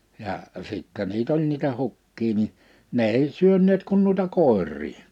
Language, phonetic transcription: Finnish, ja’ , sìttɛ 'niit ‿oĺ niitä 'hukkii ni , 'ne ei 'syönneet kun nuita 'kòer̆rii .
- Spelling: ja sitten niitä oli niitä hukkia niin ne ei syöneet kuin noita koiria

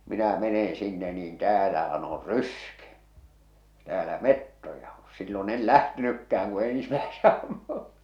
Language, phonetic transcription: Finnish, 'minä 'meneḛ 'sinne niin 'täälähä'n ‿or "ryske täälä "mettoja o sillo'n ‿el "lähtenykkäh̬äŋ ku 'ensⁱmäese ammu .
- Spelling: minä menen sinne niin täällähän on ryske täällä metsoja on silloin en lähtenytkään kun ensimmäisen ammun

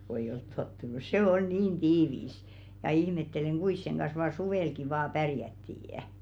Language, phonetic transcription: Finnish, ko eiʲ ‿olt 'tottunus "sè ol 'niin "tiivis , ja 'ihmetteleŋ 'ɢuis seŋ ɢans vaa "suvèlki vaa 'pärjättii' .
- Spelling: kun ei ole tottunut se oli niin tiivis ja ihmettelen kuinka sen kanssa vain suvellakin vain pärjättiin

